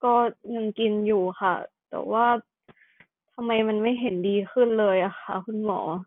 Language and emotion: Thai, frustrated